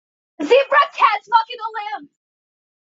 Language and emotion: English, fearful